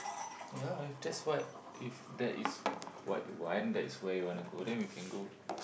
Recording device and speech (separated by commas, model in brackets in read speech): boundary microphone, conversation in the same room